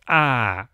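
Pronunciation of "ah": The vowel 'ah' is said with creaky voice.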